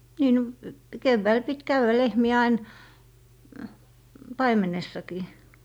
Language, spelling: Finnish, niin no keväällä piti käydä lehmiä aina paimenessakin
- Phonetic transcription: 'nii no , 'kevväil pit "käywä lehmi₍ä ain , "paimenessakii .

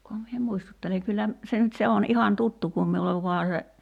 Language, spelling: Finnish, kunhan minä muistuttelen kyllä se nyt se on ihan tuttu kun minulle vain se
- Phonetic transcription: kuham mie 'muistutteleŋ 'kyllä , 'se nyt se 'on 'ihan "tuttu kum miulev 'vua se ,.

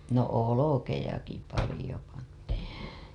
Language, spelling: Finnish, no olkiakin paljon pantiin
- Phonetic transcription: no 'olokejaki palĭjo pantii .

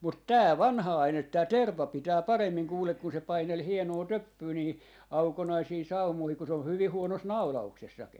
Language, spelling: Finnish, mutta tämä vanha aine tämä terva pitää paremmin kuule kun se paineli hienoa töppyä niihin aukonaisiin saumoihin kun se oli hyvin huonossa naulauksessakin
- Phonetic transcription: 'mut "tää "vanha 'ainet̆ 'tää "terv̆va 'pitää 'paremmiŋ 'kuulek kun se 'painel 'hienoo "töppyy niihi , 'aukonaisii 'saumoihik ku se ol 'hyvi 'huonos "naula₍uksessaki .

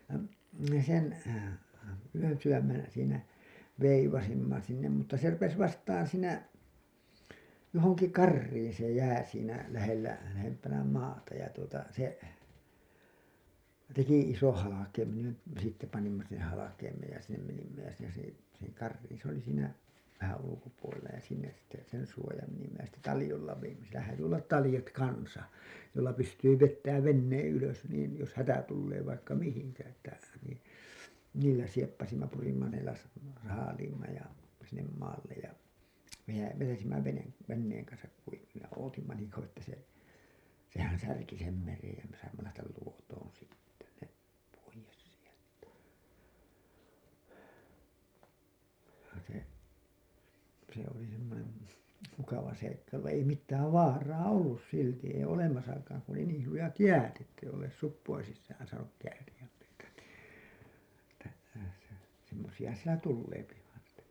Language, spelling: Finnish, ja me sen yönsydämen siinä veivasimme sinne mutta se rupesi vastaan siinä johonkin kariin se jää siinä lähellä lähempänä maata ja tuota se teki ison halkeimen ja sitten panimme sen halkeimeen ja sinne menimme ja siinä se sinne kariin se oli siinä vähän ulkopuolella ja sinne sitten sen suojaan menimme ja sitten taljoilla vedimme siellä häätyi olla taljat kanssa joilla pystyy vetämään veneen ylös niin jos hätä tulee vaikka mihin että niin niillä sieppasimme purimme ne - saaliimme ja sinne maalle ja - vetäisimme - veneen kanssa kuiville ja odotimme niin kauan että se sehän särki sen meren ja me saimme lähteä Luotoon sitten ne pois sieltä se se oli semmoinen mukava seikkailu vaan ei mitään vaaraa ollut silti ei olemassakaan kun oli niin lujat jäät että ei olleet suppojen sisään saanut kääriä meitä niin että semmoisia sitä tulee vain sitä
- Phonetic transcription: ja , me sen , yönsywämmen , siinä , 'veivasimma sinnem mutta se 'rupes 'vastan siinä , johoŋki "karriin se 'jää siinä , lähellä , lähempänä 'maata ja tuota , se , teki isoo̰ 'halakeimen§ ja , sitte panimma sen halakeimeej ja sinnem menimmä jä siinä se , sinnek 'karriin s ‿oli siinä , vähän 'ulukopuolella ja sinnes sitte , sen suojaam menimmä jä sitte "talĭjolla vejimmä sielä hääty ollat "talĭjat kansa , joilla 'pystyy 'vettääv 'venneeḛ 'ylös niin , jos "hätä 'tullee vaikka "mihiŋkä että , nin , niillä 'sieppasimma 'purimma ne las- , 'saaliimma ja , sinnem "maallej ja vejä- , 'vetäsimmä vene- , venneeŋ kansak kuivillej ja 'ootimma niiŋ kauwa ‿ttä se , sehän "särki sem 'merej jä me saimma lähtäl 'Luotoon sitte , ne , poijes sieltä , se , se ‿oli semmonem , 'mukava "seikkailu vaa̰ ei 'mittääv "vaaraa 'ollus 'silti ei 'olemasakaaŋ ku ‿oli "niil 'lujat "jäät ‿ettei ollees "suppoin sissään saanuk 'kääriʲäm meitä nì , Että semmosi₍a sitä 'tulleepi vain sᴵtä .

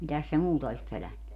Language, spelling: Finnish, mitäs se muuta olisi pelännyt
- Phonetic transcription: 'mitäs se "muuta olis 'pölänny .

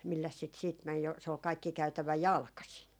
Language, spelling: Finnish, milläs sitä sitten meni jo se oli kaikki käytävä jalkaisin
- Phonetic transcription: 'milläs sit siit män̬ jo , se ol 'kaikki 'käytävä "jalkasin .

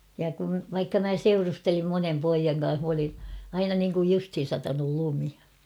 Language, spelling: Finnish, ja kun vaikka minä seurustelin monen pojan kanssa minä olin aina niin kuin justiin satanut lumi
- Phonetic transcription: ja kun̬ , vaikka mä "seurustelim "monem 'poijaŋ ka̰a̰ah m ‿olin̬ , 'aina niŋkuj 'justhin̬ satanul 'lumi .

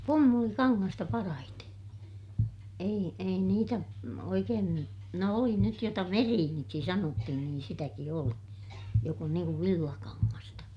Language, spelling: Finnish, pumpulikangasta parhaiten ei ei niitä no oikein nyt no oli nyt jota veriiniksi sanottiin niin sitäkin oli joka on niin kuin villakangasta
- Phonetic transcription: pummulikaŋŋasta parahite , ei , ei niitä , no oikeen ny , no oli nyt jota veriiniksi sanottihin niin sitäki oli , jok ‿on niiŋ kuv villakaŋŋasta .

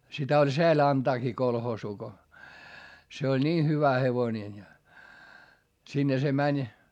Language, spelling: Finnish, sitä oli sääli antaakin kolhoosiin kun se oli niin hyvä hevonen ja sinne se meni
- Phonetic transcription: sitä oĺ seäl ‿antaakii kolhoosuu ko , se oĺ nii hyvä hevoⁱnen ja , sinne se mäń .

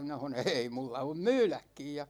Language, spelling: Finnish, minä sanoin ei minulla on myydäkin ja
- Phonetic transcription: minä ha(n)on̬ » "ʰèi 'mulla om "myyläkkij « ja .

